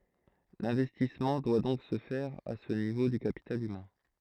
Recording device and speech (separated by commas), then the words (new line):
throat microphone, read sentence
L'investissement doit donc se faire à ce niveau du capital humain.